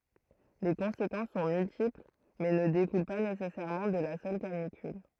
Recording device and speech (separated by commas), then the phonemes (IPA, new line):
throat microphone, read sentence
le kɔ̃sekɑ̃s sɔ̃ myltipl mɛ nə dekul pa nesɛsɛʁmɑ̃ də la sœl kanikyl